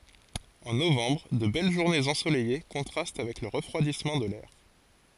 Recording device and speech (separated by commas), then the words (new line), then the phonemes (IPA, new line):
forehead accelerometer, read sentence
En novembre, de belles journées ensoleillées contrastent avec le refroidissement de l’air.
ɑ̃ novɑ̃bʁ də bɛl ʒuʁnez ɑ̃solɛje kɔ̃tʁast avɛk lə ʁəfʁwadismɑ̃ də lɛʁ